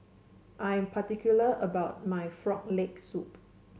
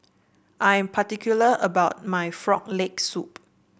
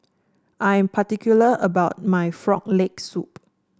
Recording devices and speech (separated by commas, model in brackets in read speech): mobile phone (Samsung C7), boundary microphone (BM630), standing microphone (AKG C214), read sentence